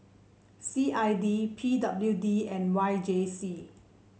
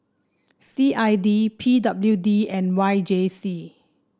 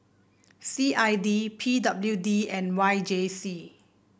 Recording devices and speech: mobile phone (Samsung C7), standing microphone (AKG C214), boundary microphone (BM630), read sentence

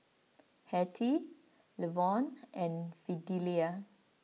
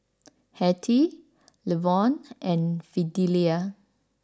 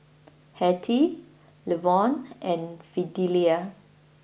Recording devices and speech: mobile phone (iPhone 6), standing microphone (AKG C214), boundary microphone (BM630), read sentence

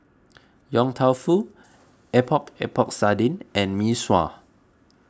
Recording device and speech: close-talking microphone (WH20), read sentence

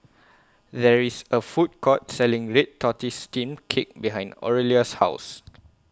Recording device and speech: close-talking microphone (WH20), read sentence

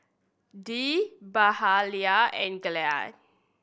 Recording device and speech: boundary microphone (BM630), read sentence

